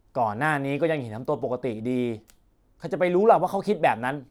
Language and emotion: Thai, frustrated